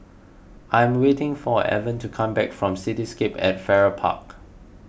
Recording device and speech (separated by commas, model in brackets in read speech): boundary microphone (BM630), read sentence